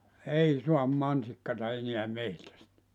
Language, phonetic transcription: Finnish, "ei "suam 'mansikkata eniä 'mehtästä .
- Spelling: ei saa mansikkaa enää metsästä

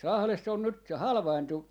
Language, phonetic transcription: Finnish, 'Lahless ‿on nyt , se 'halvaintu ,.
- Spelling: Lahdessa on nyt se halvaantui

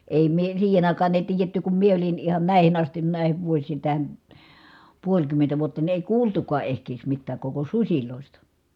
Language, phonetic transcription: Finnish, èi mie , siihen ‿àikaan ‿èi̮ tiijetty kum mie olin ihan nä̀ihin ‿astin nä̀ihiv vuos̆siin̬ tähän̬ , puoĺkymmentä vuotta ni èi kuultukaa ehkees mittääk koko suśilòista .
- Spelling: ei minä siihen aikaan ei tiedetty kun minä olin ihan näihin asti näihin vuosiin tähän puolikymmentä vuotta niin ei kuultukaan ehkiedes mitään koko susista

